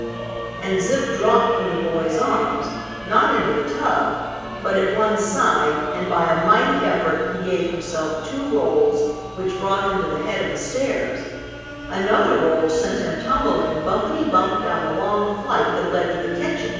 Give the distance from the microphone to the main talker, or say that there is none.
7.1 m.